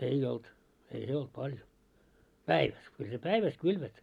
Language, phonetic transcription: Finnish, 'ei olt , ei "se olt 'paljo , "päiväs , kyl se "päiväs 'kylvät .
- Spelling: ei ollut ei se ollut paljon päivässä kyllä se päivässä kylvät

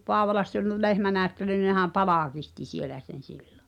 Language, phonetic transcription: Finnish, 'Poavolass ‿ol "lehmänääᵒ̈ttely ʿⁿⁱʾ nehäm "palàkihti 'sielä sen̬ 'sillᴏ .
- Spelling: Paavolassa oli lehmänäyttely no nehän palkitsi siellä sen silloin

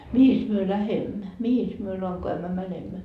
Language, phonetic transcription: Finnish, » 'mihis myö "lähemmä , 'mihis myö 'laŋko₍ämmä 'mänemmä ? »
- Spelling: mihinkäs me lähdemme mihinkäs me lankoämmä menemme

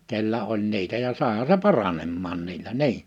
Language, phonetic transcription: Finnish, kellä oĺ 'niitä ja 'sàeha se "pa-ranemmaan niillä "ni̬i .
- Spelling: kenellä oli niitä ja saihan se paranemaan niillä niin

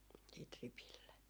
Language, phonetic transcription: Finnish, siit 'ripille .
- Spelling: sitten ripille

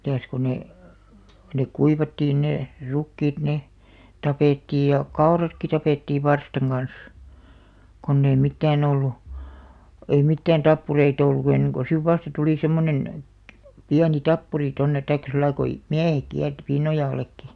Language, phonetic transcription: Finnish, 'mitä̀s ko 'ne , 'nek 'kuivattiin ne , 'rukkiit ne , 'tapèttiij ja , "kaoratki 'tapèttiiv̆ "varstaŋ ɢan̬s , konn ‿ei 'mittään ‿ollu , 'ei mittään "tappurei't ‿ollu enneŋ ko siv "vasta tulì 'semmonen , "piäni "tappuri tonnet taikkᵃ 'sillai ko , "miähek 'kiärti "Pinnojàl̆§lekki .
- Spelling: mitäs kun ne ne kuivattiin ne rukiit ne tapettiin ja kauratkin tapettiin varstan kanssa kun ei mitään ollut ei mitään tappureita ollut ennen kuin sitten vasta tuli semmoinen pieni tappuri tuonne tai sillä lailla kun miehet kiersi Pinnojallekin

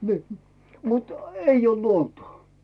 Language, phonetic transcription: Finnish, ni , mut , "eij ‿olD 'luonto .
- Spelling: niin mutta ei ole luontoa

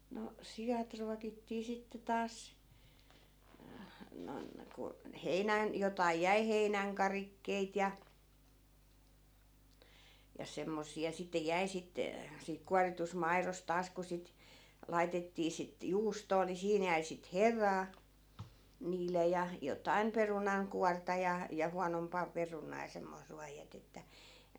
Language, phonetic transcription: Finnish, no 'sijat ruakittii 'sitte taas , noⁱn , ku , "heinän- , 'jotai jäi "heinäŋ'karikkeit ja , ja 'semmosi₍a sitte 'jäi sit , siik 'kuaritusᵗ 'mairos 'taas ku sit , 'laitettii sit "juustoo ni 'siin jäi sit "heraa , 'niil̀e ja , 'jotaim "perunaŋ'kuarta ja , ja 'huanompà 'perunaa ja semmois 'ruaj jätettä .
- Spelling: no siat ruokittiin sitten taas noin kun - jotakin jäi heinänkarikkeita ja ja semmoisia sitten jäi sitten siitä kuoritusta maidosta taas kun sitten laitettiin sitten juustoa niin siinä jäi sitten heraa niille ja jotakin perunankuorta ja ja huonompaa perunaa ja semmoista ruoan jätettä

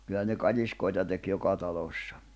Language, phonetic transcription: Finnish, kyllä ne 'katiskoita tek 'joka talòssᴀ .
- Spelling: kyllä ne katiskoita teki joka talossa

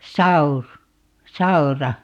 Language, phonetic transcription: Finnish, "saur- , "saura .
- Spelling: - saura

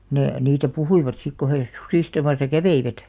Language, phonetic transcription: Finnish, 'ne , niitä "puhuivat sik ko he , 'susìstamasa "käveivät .
- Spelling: ne niitä puhuivat sitten kun he susistamassa kävivät

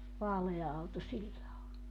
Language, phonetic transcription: Finnish, 'vaalea auto 'sillä o .
- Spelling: vaalea auto sillä on

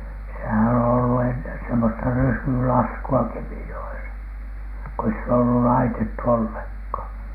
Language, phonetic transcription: Finnish, sehän on ollu ennen semmosta "ryysylasku₍a 'Kemijo₍esa , ko ei sit ‿ollu "laitettu 'olleŋkhàn .
- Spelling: sehän on ollut ennen semmoista ryysylaskua Kemijoessa kun ei sitä ollut laitettu ollenkaan

